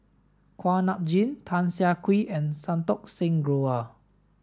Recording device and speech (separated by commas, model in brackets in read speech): standing microphone (AKG C214), read sentence